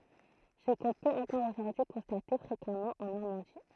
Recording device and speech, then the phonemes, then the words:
throat microphone, read sentence
sə kɔ̃ pøt ɑ̃kɔʁ oʒuʁdyi kɔ̃state fʁekamɑ̃ ɑ̃ nɔʁmɑ̃di
Ce qu'on peut encore aujourd'hui constater fréquemment en Normandie.

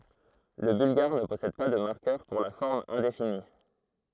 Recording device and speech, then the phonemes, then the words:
throat microphone, read sentence
lə bylɡaʁ nə pɔsɛd pa də maʁkœʁ puʁ la fɔʁm ɛ̃defini
Le bulgare ne possède pas de marqueur pour la forme indéfinie.

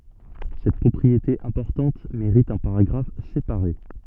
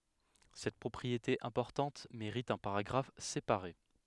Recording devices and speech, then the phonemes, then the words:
soft in-ear microphone, headset microphone, read sentence
sɛt pʁɔpʁiete ɛ̃pɔʁtɑ̃t meʁit œ̃ paʁaɡʁaf sepaʁe
Cette propriété importante mérite un paragraphe séparé.

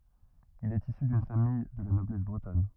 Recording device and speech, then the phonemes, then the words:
rigid in-ear microphone, read sentence
il ɛt isy dyn famij də la nɔblɛs bʁətɔn
Il est issu d'une famille de la noblesse bretonne.

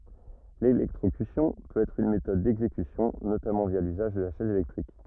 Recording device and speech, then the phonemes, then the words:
rigid in-ear microphone, read sentence
lelɛktʁokysjɔ̃ pøt ɛtʁ yn metɔd dɛɡzekysjɔ̃ notamɑ̃ vja lyzaʒ də la ʃɛz elɛktʁik
L'électrocution peut être une méthode d'exécution, notamment via l'usage de la chaise électrique.

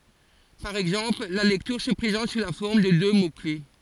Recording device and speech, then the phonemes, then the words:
forehead accelerometer, read sentence
paʁ ɛɡzɑ̃pl la lɛktyʁ sə pʁezɑ̃t su la fɔʁm də dø mokle
Par exemple, la lecture se présente sous la forme de deux mots-clefs.

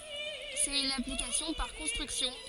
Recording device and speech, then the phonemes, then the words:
forehead accelerometer, read sentence
sɛt yn aplikasjɔ̃ paʁ kɔ̃stʁyksjɔ̃
C'est une application par construction.

